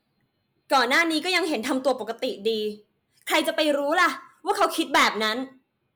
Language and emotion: Thai, angry